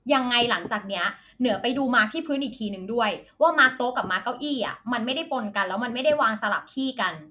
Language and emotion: Thai, frustrated